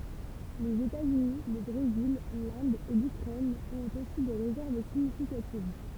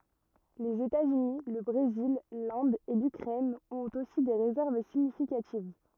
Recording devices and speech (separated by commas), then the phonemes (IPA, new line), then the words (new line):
temple vibration pickup, rigid in-ear microphone, read sentence
lez etaz yni lə bʁezil lɛ̃d e lykʁɛn ɔ̃t osi de ʁezɛʁv siɲifikativ
Les États-Unis, le Brésil, l'Inde et l'Ukraine ont aussi des réserves significatives.